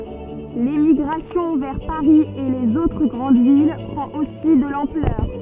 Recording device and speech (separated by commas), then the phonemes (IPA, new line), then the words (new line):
soft in-ear microphone, read sentence
lemiɡʁasjɔ̃ vɛʁ paʁi e lez otʁ ɡʁɑ̃d vil pʁɑ̃t osi də lɑ̃plœʁ
L'émigration vers Paris et les autres grandes villes prend aussi de l'ampleur.